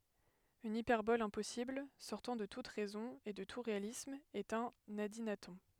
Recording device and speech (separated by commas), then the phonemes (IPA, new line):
headset microphone, read sentence
yn ipɛʁbɔl ɛ̃pɔsibl sɔʁtɑ̃ də tut ʁɛzɔ̃ e də tu ʁealism ɛt œ̃n adinatɔ̃